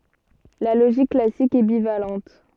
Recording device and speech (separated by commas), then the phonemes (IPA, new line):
soft in-ear microphone, read sentence
la loʒik klasik ɛ bivalɑ̃t